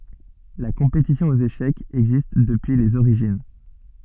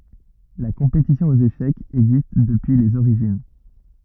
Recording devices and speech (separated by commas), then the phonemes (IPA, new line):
soft in-ear microphone, rigid in-ear microphone, read sentence
la kɔ̃petisjɔ̃ oz eʃɛkz ɛɡzist dəpyi lez oʁiʒin